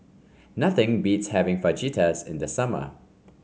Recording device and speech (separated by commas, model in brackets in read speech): mobile phone (Samsung C5), read sentence